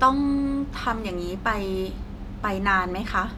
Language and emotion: Thai, neutral